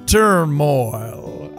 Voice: western voice